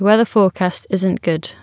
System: none